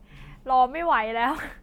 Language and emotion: Thai, happy